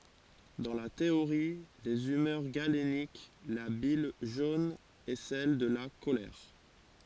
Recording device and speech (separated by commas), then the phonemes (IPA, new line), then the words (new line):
forehead accelerometer, read sentence
dɑ̃ la teoʁi dez ymœʁ ɡalenik la bil ʒon ɛ sɛl də la kolɛʁ
Dans la théorie des humeurs galénique, la bile jaune est celle de la colère.